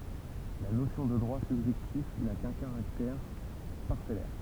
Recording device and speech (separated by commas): temple vibration pickup, read sentence